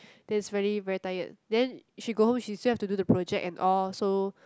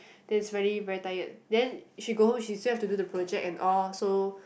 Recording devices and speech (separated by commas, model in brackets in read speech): close-talking microphone, boundary microphone, conversation in the same room